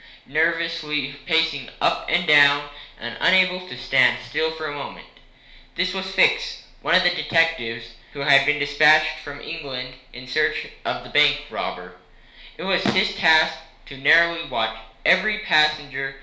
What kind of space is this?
A small space (about 3.7 m by 2.7 m).